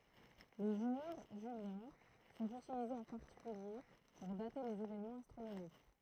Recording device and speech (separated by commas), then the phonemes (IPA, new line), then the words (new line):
throat microphone, read sentence
le ʒuʁ ʒyljɛ̃ sɔ̃t ytilizez ɑ̃ paʁtikylje puʁ date lez evenmɑ̃z astʁonomik
Les jours juliens sont utilisés en particulier pour dater les événements astronomiques.